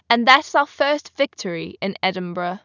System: none